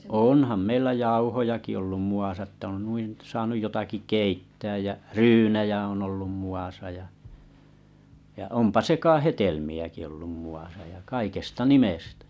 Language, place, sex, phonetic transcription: Finnish, Kalajoki, male, 'onham meillä 'jauhojaki ollum 'mu₍asa ᵉttä on 'nuin̬ , saanuj jotaki 'keittääj jä , "ryynejä on ollum mu₍asa ja , ja 'ompa 'seka'hetelmi₍äki ollum mu₍asa ja 'kaikesta 'nimestᴀ̈ .
- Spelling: onhan meillä jauhojakin ollut muassa että on noin saanut jotakin keittää ja ryynejä on ollut muassa ja ja onpa sekahedelmiäkin ollut muassa ja kaikesta nimestä

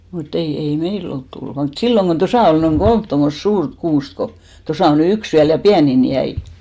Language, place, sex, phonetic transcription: Finnish, Hinnerjoki, female, mut't ‿ei , 'ei "mei'l ‿olt 'tullᵘ vaa , mut "silloŋ ɢon 'tosa ol noiŋ "ɢolmt tommost "suurt 'kuust ko , 'tosà o ny "yks 'viäl , ja "piänin 'jäi .
- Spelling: mutta ei ei meillä ole tullut vain mutta silloin kun tuossa oli noin kolme tuommoista suurta kuusta kun tuossa on nyt yksi vielä ja pienin jäi

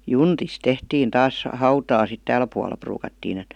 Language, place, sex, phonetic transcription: Finnish, Vihti, female, juntis 'tehtiin 'taas , "hautaa sit 'tääl pual̀a pruukattiin ‿et .
- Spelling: juntista tehtiin taas hautaa sitten täällä puolella ruukattiin että

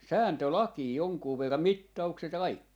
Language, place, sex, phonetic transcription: Finnish, Jaala, male, 'sääntö"lakii 'joŋkuu 'verran , "mitta₍ukset ja 'kaikki .
- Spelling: sääntölakeja jonkun verran mittaukset ja kaikki

